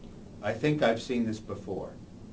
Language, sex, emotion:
English, male, neutral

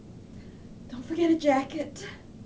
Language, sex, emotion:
English, female, sad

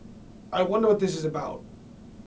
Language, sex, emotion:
English, male, neutral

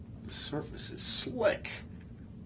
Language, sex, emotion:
English, male, disgusted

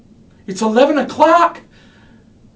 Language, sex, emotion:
English, male, fearful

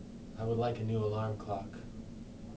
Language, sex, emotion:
English, male, neutral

